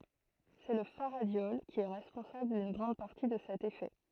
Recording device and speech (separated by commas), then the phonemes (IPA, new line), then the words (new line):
throat microphone, read sentence
sɛ lə faʁadjɔl ki ɛ ʁɛspɔ̃sabl dyn ɡʁɑ̃d paʁti də sɛt efɛ
C'est le faradiol qui est responsable d'une grande partie de cet effet.